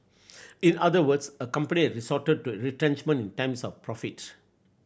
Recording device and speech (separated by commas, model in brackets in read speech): boundary microphone (BM630), read sentence